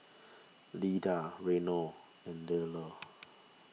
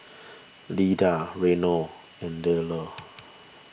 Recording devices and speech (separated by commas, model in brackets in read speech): mobile phone (iPhone 6), boundary microphone (BM630), read sentence